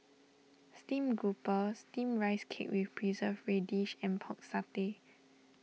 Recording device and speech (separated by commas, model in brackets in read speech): mobile phone (iPhone 6), read sentence